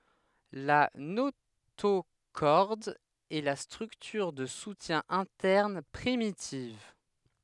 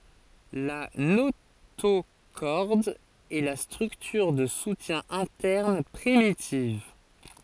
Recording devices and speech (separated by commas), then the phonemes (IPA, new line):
headset microphone, forehead accelerometer, read sentence
la notoʃɔʁd ɛ la stʁyktyʁ də sutjɛ̃ ɛ̃tɛʁn pʁimitiv